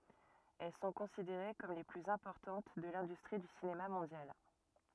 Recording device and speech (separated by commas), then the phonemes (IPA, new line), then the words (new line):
rigid in-ear microphone, read sentence
ɛl sɔ̃ kɔ̃sideʁe kɔm le plyz ɛ̃pɔʁtɑ̃t də lɛ̃dystʁi dy sinema mɔ̃djal
Elles sont considérées comme les plus importantes de l'industrie du cinéma mondial.